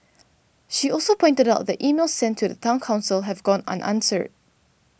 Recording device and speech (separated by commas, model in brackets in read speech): boundary microphone (BM630), read sentence